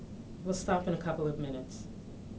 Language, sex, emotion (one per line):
English
female
neutral